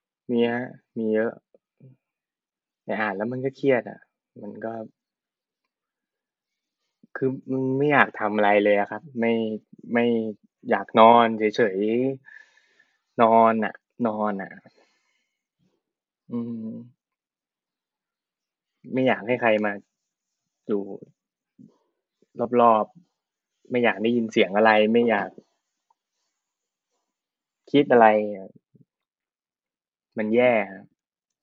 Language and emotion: Thai, frustrated